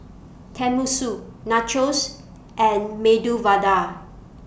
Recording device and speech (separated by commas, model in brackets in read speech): boundary microphone (BM630), read sentence